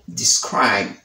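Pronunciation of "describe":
In 'describe', the final b is very soft, so soft that it almost sounds as if there were no b.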